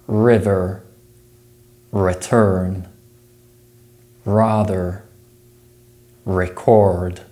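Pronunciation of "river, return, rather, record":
The words are said in a rhotic accent: every letter R is pronounced, including the R at the end of 'river' and 'rather'.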